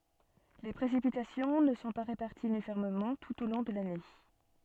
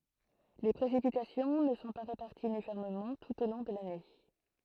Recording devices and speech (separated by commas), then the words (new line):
soft in-ear microphone, throat microphone, read sentence
Les précipitations ne sont pas réparties uniformément tout au long de l'année.